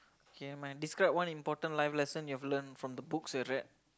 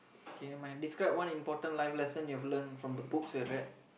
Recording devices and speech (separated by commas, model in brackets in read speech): close-talking microphone, boundary microphone, conversation in the same room